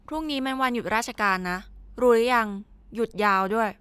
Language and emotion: Thai, frustrated